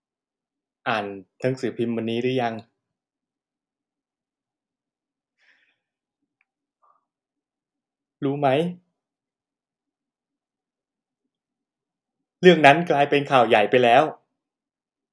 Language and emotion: Thai, sad